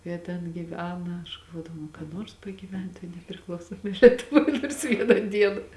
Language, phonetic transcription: Lithuanian, ˈjie ten gyˈvena aš galˈvodavau nu ka ˈnors pagyˈvent toj nepriˈklausomoj lietuˈvoj nors ˈvieną ˈdieną

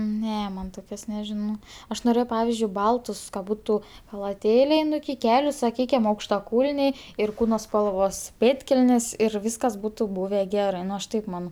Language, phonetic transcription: Lithuanian, ˈne ˈman ˈtokios neˈžino ˈaš noˈrėjau ˈpavizdžiui ˈbaltus ka ˈbutu chalaˈtėliai ˈnu iki ˈkeliu saˈkykim aukštaˈkūlniai ir ˈkūno spalˈvos ˈpėdkelnės ir ˈvyskas ˈbūtu ˈbūve ˈgerɜ ˈnu aš ˈtaip ˈmano

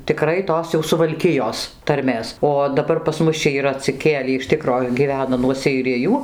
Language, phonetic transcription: Lithuanian, tiˈkrai ˈtos jau suvalˈkijos tarˈmės o daˈbar pas ˈmus čia yˈra atsiˈkėlį iš ˈtikro gyˈvena nuo seiˈrijų

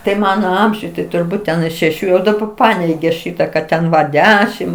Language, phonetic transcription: Lithuanian, tai ˈmano ˈamžiuj tai turˈbūt ten i šeˈšių jau daˈba ˈpaneigė ˈšyta kad ˈten va ˈdešim

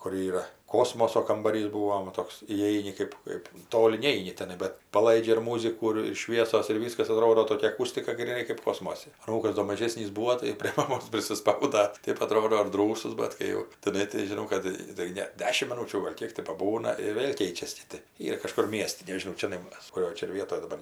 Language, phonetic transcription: Lithuanian, kur ˈyra ˈkosmoso kambaˈrys ˈbūom va ˈtoks įˈeini ˈkɜp ˈkɜp ˈtoli ˈneini teˈnai bet paˈlaidžia ir ˈmūzikų ir ˈšviesos ir ˈvyskas aˈtrodo ˈtokia aˈkustika gryˈnai kɜp ˈkosmosi aˈnūkas do maˈžėsnys ˈbūo tai prė maˈmos prisiˈspauda ˈtėp aˈtrodo ir ˈdrųsus ˈbat kai jau tiˈnai tai žiˈnau kad tai ˈne ˈdešim miˈnūčių ˈgal' ˈkiek ti paˈbūna ir ˈvėl' ˈkeičias ˈkiti ˈyra kažˈkur ˈmiesti neˈžinau ˈčianai kuˈrioj ˈčia ir ˈvietoj daˈbar

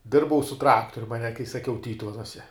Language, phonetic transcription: Lithuanian, ˈdirbau su ˈtraktorium aˈne kai saˈkiau ˈtytuvenuose

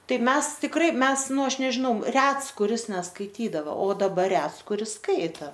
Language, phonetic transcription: Lithuanian, ˈtai ˈmes tikˈrai ˈmes ˈnu ˈaš nežiˈnau ˈrets kuˈris neskaiˈtydavo o daˈbar ˈrets kuˈris ˈskaita

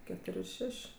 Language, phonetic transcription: Lithuanian, keˈtor' ir ˈšeš'

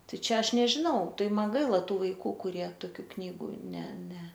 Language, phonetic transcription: Lithuanian, ˈtai ˈčia ˈaš nežiˈnau ˈtai ˈman ˈgaila ˈtų vaiˈkų kuˈrie toˈkių ˈknygų ˈne ˈne

